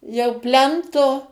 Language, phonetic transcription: Lithuanian, jau ˈplento

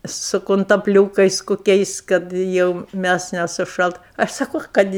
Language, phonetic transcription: Lithuanian, su kuntapˈliūkais koˈkiais kad ˈjau ˈmæs nesuˈšalt ˈaš saˈko ˈkad i

